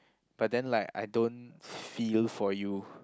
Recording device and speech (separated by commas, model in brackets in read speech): close-talking microphone, conversation in the same room